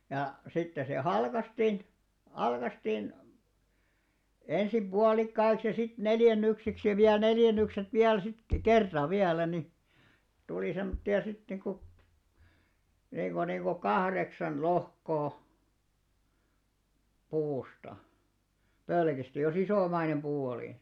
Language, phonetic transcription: Finnish, ja , 'sitte se "halkastin , "halkastìn , 'ensim "ʙualikkaiks ja sit "neljännyksiks ja viäl 'neljän̆nykset 'viäl sit "kerta 'viälä ni , 'tulì sem̆motti₍a 'sit niku , niiko niiko "kahreksan 'lohkoo , 'puusta , "pölkista jo's ‿isòmainem ʙuu oli .
- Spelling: ja sitten se halkaistiin halkaistiin ensin puolikkaiksi ja sitten neljännyksiksi ja vielä neljännykset vielä sitten kerta vielä niin tuli semmoisia sitten niin kuin niin kuin niin kuin kahdeksan lohkoa puusta pölkistä jos isomainen puu oli

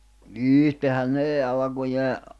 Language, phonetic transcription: Finnish, ìhtehän 'nee 'alᵃkujee ,.
- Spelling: itsehän ne alkujaan

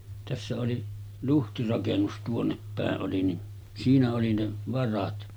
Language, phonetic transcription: Finnish, tässä oli , 'luhtirakennus 'tuonnep 'pä̀e’ ’oli ni , 'siinä oli ne 'varat .
- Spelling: tässä oli luhtirakennus tuonne päin oli niin siinä oli ne varat

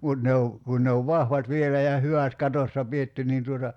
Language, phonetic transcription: Finnish, 'mut ne o , 'kun ne ov "vahvat 'vielä ja 'hyvä̀t 'katossa "pietty niin tuota ,.
- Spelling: mutta ne on kun ne on vahvat vielä ja hyvät katossa pidetty niin tuota

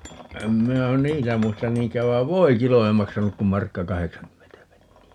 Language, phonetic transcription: Finnish, 'em 'minä "niitä 'muistan 'niiŋk̀ääv 'vai̮v "voikilo ei 'maksanuk kum 'markka "kaheksaŋkymmentä 'penni₍ä .
- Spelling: en minä niitä muista niinkään vaan voikilo ei maksanut kuin markka kahdeksankymmentä penniä

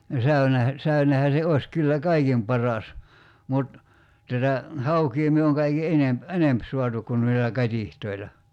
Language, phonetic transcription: Finnish, no 'säynehä , 'säynehä se 'oḙs kyllä "kaikim paras , mut , 'tätä , "haukii myö oŋ kaiki "enemp , "enemp 'suatuk kun noilla 'kat́ihtoila .
- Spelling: no säynehän säynehän se olisi kyllä kaikkein paras mutta tätä haukea me on kaikkein enempi enempi saatu kun noilla katiskoilla

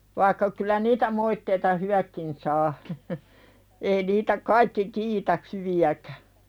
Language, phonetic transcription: Finnish, vaikka kyl̆lä "niitä 'moitteita "hywäkkin saa , ei niitä "kaikki 'kiitä hyvi₍äkᴀ̈ .
- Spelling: vaikka kyllä niitä moitteita hyvätkin saa ei niitä kaikki kiitä hyviäkään

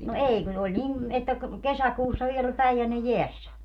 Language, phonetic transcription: Finnish, no "èi kun oĺ 'nim , että ‿k- , "kesäkuussa 'viel ‿oĺ "Päijänne "jeässä .
- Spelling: no ei kun oli niin että - kesäkuussa vielä oli Päijänne jäässä

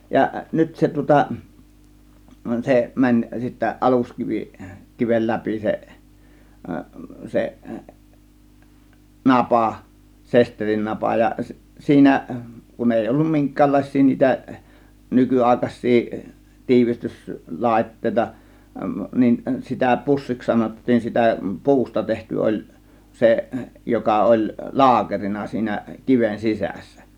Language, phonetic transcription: Finnish, ja nyt 'se tŭŏta , 'se 'mäń sittä 'ˀaluskivi , 'kivel 'läpi seˀ , 'seˀ , "napà , 'sesterinnapa ja , 'siinä , kun 'èi 'ollum "miŋk̆käällàės̆sii niitä , 'nyky₍àėkaś̆sii , 'tiivistys- , 'làėttèita , nin sitä 'pussiks 'sanottiin sitä , "pu̬usta 'tehty oĺ , 'seˀ , 'joka oĺ , "laakerina siinä , 'kiven 'sisässÄ .
- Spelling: ja nyt se tuota se meni sitten aluskivi kiven läpi se se napa sesterinnapa ja siinä kun ei ollut minkäänlaisia niitä nykyaikaisia - tiivistyslaitteita niin sitä pussiksi sanottiin sitä puusta tehty oli se joka oli laakerina siinä kiven sisässä

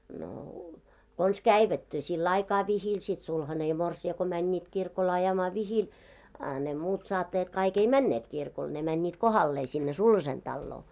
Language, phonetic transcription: Finnish, no , kons "käivät , 'sil"l ‿aikaa 'vihil sit 'sulhane ja 'morsi₍a ko mäńńiit 'kirkol ajamaa 'vihil , a ne muut 'saattajat 'kai'k ‿ei "männeet 'kirkol , ne mäńńiit "kohallee sinne "sulhasen 'ᴅalloo .
- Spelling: no konsa kävivät sillä aikaa vihillä sitten sulhanen ja morsian kun menivät kirkolle ajamaan vihille a ne muut saattajat kaikki ei menneet kirkolle ne menivät kohdalleen sinne sulhasen taloon

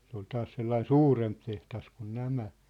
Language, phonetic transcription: Finnish, se ‿ol 'taas 'sellain "suuremp teht̳as kun "nämä .
- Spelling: se oli taas sellainen suurempi tehdas kuin nämä

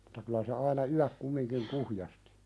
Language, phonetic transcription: Finnish, ᴍᴜta kylä se aina "yäk kummiŋkiŋ 'kuhjastɪ .
- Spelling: Jotta kyllä se aina yöksi kumminkin kuhjasti

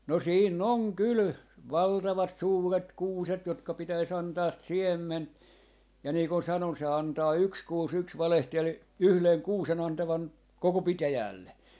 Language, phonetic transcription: Finnish, no 'siin'n ‿on 'kyl , 'valtavat 'suuret "kuuset jotka 'pitäis 'antaa "siemmen , ja nii kun 'sanon se 'antaa "yks "kuus 'yks 'valehtelel , "yhleŋ "kuusen 'antavan , 'koko "pitäjäälle .
- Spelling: no siinä on kyllä valtavat suuret kuuset jotka pitäisi antaa siemen ja niin kuin sanoin se antaa yksi kuusi yksi valehteli yhden kuusen antavan koko pitäjälle

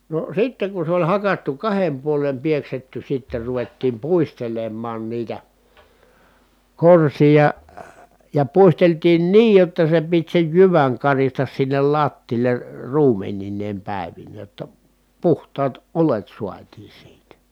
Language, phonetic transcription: Finnish, no , sitteŋ kun̬ se oĺ hakattu kahem puolem pieksetty sitter ruvettiim puistelemmaan niitä , korsija , ja puisteltiin niij jotta se pit sej jyväŋ karistas sinnel lattiil̀e , ruumeninneem pä̀evinnee [j]otta , puhtaat olet suatii siitä .
- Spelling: no sitten kun se oli hakattu kahden puolen pieksetty sitten ruvettiin puistelemaan niitä korsia ja puisteltiin niin jotta se piti sen jyvän karista sinne lattialle ruumenineen päivineen jotta puhtaat oljet saatiin siitä

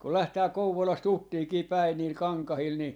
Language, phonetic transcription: Finnish, kul 'lähtää "Kouvolas"t ‿Uttiikii 'päin niil "kaŋkahil ni ,.
- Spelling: kun lähdetään Kouvolasta Uttiinkin päin niillä kankailla niin

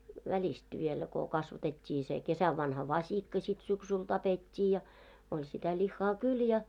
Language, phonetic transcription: Finnish, 'väĺist vielä ko 'kasvatet́t́ii se , 'kesäv'vanha "vaśikka śit 'syksyi 'tapet́t́ii ja , oĺ sitä 'ĺihhaa "kyl ja .
- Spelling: välistä vielä kun kasvatettiin se kesänvanha vasikka sitten syksyllä tapettiin ja oli sitä lihaa kyllä ja

